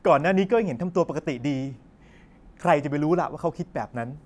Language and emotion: Thai, frustrated